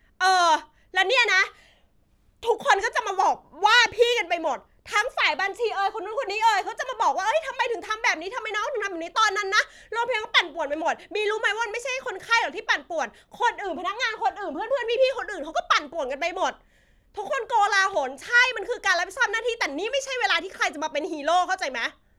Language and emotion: Thai, angry